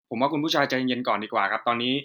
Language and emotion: Thai, neutral